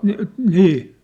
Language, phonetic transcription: Finnish, 'ni' , 'nii .
- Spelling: niin niin

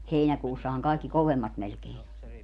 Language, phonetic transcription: Finnish, 'heinäkuussahaŋ 'kàikki "kovemmat melkein ‿o .
- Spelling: heinäkuussahan kaikki kovemmat melkein on

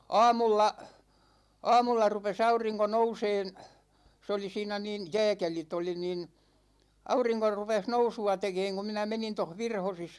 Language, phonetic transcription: Finnish, 'aamulla , 'aamulla rupes 'auriŋko 'nouseen , 'se oli 'siinä nìn 'jɛɛkelit ‿oli nìn , 'auriŋko rupeh "nousu₍a 'tekeeŋ ku minä 'menin toh "Virhosis .
- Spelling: aamulla aamulla rupesi aurinko nousemaan se oli siinä niin jääkelit oli niin aurinko rupesi nousua tekemään kun minä menin tuossa Virhosissa

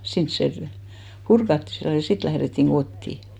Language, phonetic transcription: Finnish, 'sins se pᵘ- , "purkatti sillo , ja 'sit lährettiŋ 'ɢottì .
- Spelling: sinne se - purettiin silloin ja sitten lähdettiin kotiin

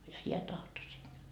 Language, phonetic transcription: Finnish, ja 'hiä tahto sinne .
- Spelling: ja hän tahtoi sinne

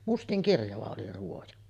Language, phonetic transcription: Finnish, "mustiŋkirjava oli 'ruoja .
- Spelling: mustankirjava oli ruoja

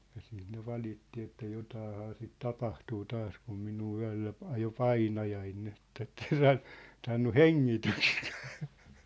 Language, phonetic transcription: Finnish, ja siit ne 'valitti että 'jotaahaa sit 'tapahtuu 'taas kum 'minuu 'yä̭llä ‿p- 'ajo "painajain nin ‿et ett ‿en 'saan , 'saannu "heŋŋitystkᴀ̈ᴀ̈ .
- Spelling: ja sitten ne valitti että jotakinhan sitä tapahtuu taas kun minua yöllä - ajoi painajainen niin että että en saa saanut hengitystäkään

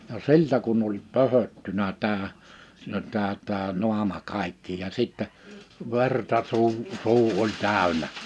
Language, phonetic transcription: Finnish, ja "siltä kunn ‿oĺ "pö-höttynä 'tää , (siin ‿on) 'tää 'tää 'nu̬ama 'kàikki ja 'sittɛ , 'verta su̬u , 'su̬u oĺ 'tä̀ö̭nä .
- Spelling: ja siltä kun oli pöhöttynyt tämä siinä on tämä tämä naama kaikki ja sitten verta suu suu oli täynnä

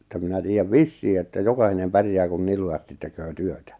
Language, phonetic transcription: Finnish, että minä 'tiijjäv "vissii että 'jokahinem 'pärjää kun 'nil lujastit 'teköö 'työtä .
- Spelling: että minä tiedän vissiin että jokainen pärjää kun niin lujasti tekee työtä

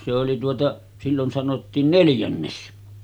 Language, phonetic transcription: Finnish, se oli tuota , 'sillon sanottiin 'neljännes .
- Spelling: se oli tuota silloin sanottiin neljännes

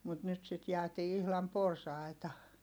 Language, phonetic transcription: Finnish, mut nyt sit jäätii ihlam porsàita .
- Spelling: mutta nyt sitten jäätiin ihan porsaitta

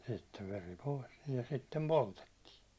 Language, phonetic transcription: Finnish, sittev 'veri "pòis nii ja 'sittem "poltettiin .
- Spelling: sitten veri pois niin ja sitten poltettiin

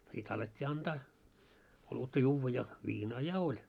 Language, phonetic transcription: Finnish, sit alet́t́ii 'antaa , olutta 'juuvva ja , 'viinaa "ja oĺ .
- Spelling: sitten alettiin antaa olutta juoda ja viinaa ja oli

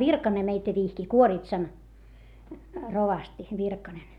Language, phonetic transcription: Finnish, Virkane meitä vihki , Kuoritsan , rovasti , Virkanen .
- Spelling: Virkanen meitä vihki Kuoritsan rovasti Virkanen

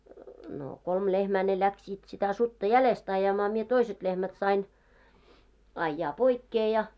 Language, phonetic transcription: Finnish, no , 'kolm 'lehmää ne 'läksiit sitä 'sutta "jälest ajamaa mie 'toiset 'lehmät sain , ajjaa 'poikkee ja .
- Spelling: no kolme lehmää ne lähtivät sitä sutta jäljestä ajamaan minä toiset lehmät sain ajaa poikkeen ja

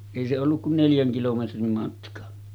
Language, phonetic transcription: Finnish, èi se olluk kun 'neljäŋ kilometrim matka .
- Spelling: ei se ollut kuin neljän kilometrin matka

